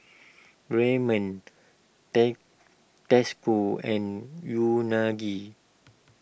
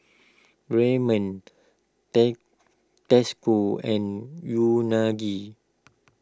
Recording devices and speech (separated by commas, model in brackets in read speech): boundary microphone (BM630), close-talking microphone (WH20), read sentence